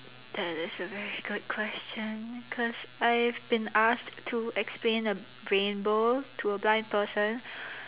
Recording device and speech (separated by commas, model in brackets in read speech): telephone, conversation in separate rooms